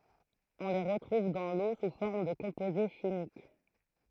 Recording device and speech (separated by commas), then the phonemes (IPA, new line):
throat microphone, read sentence
ɔ̃ le ʁətʁuv dɑ̃ lo su fɔʁm də kɔ̃poze ʃimik